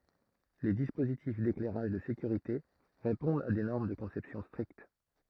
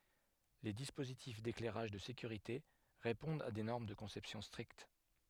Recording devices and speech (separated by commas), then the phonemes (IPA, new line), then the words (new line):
throat microphone, headset microphone, read sentence
le dispozitif deklɛʁaʒ də sekyʁite ʁepɔ̃dt a de nɔʁm də kɔ̃sɛpsjɔ̃ stʁikt
Les dispositifs d'éclairage de sécurité répondent à des normes de conception strictes.